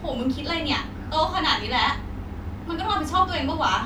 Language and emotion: Thai, frustrated